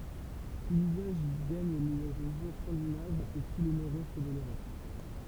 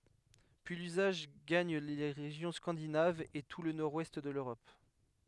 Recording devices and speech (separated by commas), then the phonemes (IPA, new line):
temple vibration pickup, headset microphone, read sentence
pyi lyzaʒ ɡaɲ le ʁeʒjɔ̃ skɑ̃dinavz e tu lə nɔʁdwɛst də løʁɔp